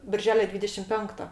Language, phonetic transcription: Lithuanian, birˈželio ˈdvydešim ˈpenkto

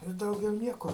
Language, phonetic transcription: Lithuanian, i ˈdaugiau ˈnieko

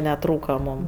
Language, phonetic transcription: Lithuanian, neˈtrūka ˈmūm

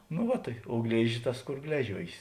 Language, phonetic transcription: Lithuanian, nu ˈva tai o ˈglėžis ˈtas ˈkor ˈgležiuojės

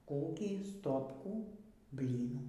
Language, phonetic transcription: Lithuanian, ˈkokį ˈstopkų ˈblynų

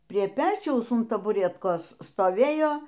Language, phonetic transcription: Lithuanian, prie ˈpečiaus un tabuˈretkos stoˈvėjo

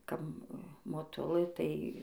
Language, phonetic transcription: Lithuanian, ˈkap moˈtulɘ ˈtai

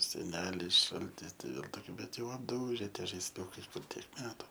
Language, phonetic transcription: Lithuanian, seˈnelis ˈšaltis tai ˈvėl toˈkių bet jau apˈdūže ˈtie žaisˈiukai ˈkur tiek ˈmetu

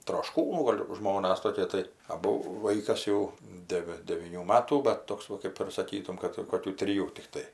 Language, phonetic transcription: Lithuanian, trošˈkūnų ˈgol' ˈžmonas toˈkie tai aˈbu ˈvaikas jau ˈdevi devyˈnių ˈmatų bet ˈtoks va ˈkaip ir saˈkytum ˈkad koˈkių triˈjų tikˈtai

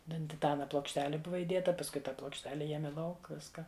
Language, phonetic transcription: Lithuanian, ˈten tiˈtana plokšˈteli ˈbuva iˈdėta pasˈkui ˈtą plokšˈtele ˈjiemi ˈlauk ˈviska

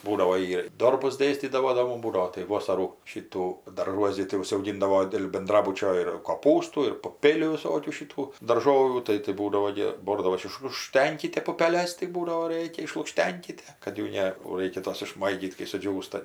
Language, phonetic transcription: Lithuanian, ˈbūdavo ˈjy ir ˈdorbus ˈdėstydavo do ˈmum ˈbūdavo tai ˈvosarų ˈšytų darˈžuos gi tai užauˈgindavo dėl benˈdrabučio ir koˈpūstų ir puˈpėlių viˈsokių šiˈtų darˈžovių ˈtai tai ˈbūdavo gi ˈbordavos išlukˈštenkite pupeˈles tai ˈbūdavo ˈrėkia išlukˈštenkite kad ˈjų ˈne o ˈraikia ˈtos išˈmaigyt kai suˈdžiūsta

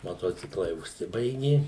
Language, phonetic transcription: Lithuanian, maˈtociklai užˈsibaigi

